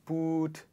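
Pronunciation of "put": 'put' is pronounced incorrectly here.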